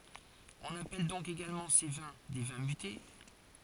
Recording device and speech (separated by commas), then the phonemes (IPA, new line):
forehead accelerometer, read sentence
ɔ̃n apɛl dɔ̃k eɡalmɑ̃ se vɛ̃ de vɛ̃ myte